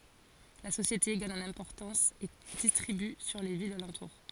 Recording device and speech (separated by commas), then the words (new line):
forehead accelerometer, read sentence
La société gagne en importance et distribue sur les villes alentour.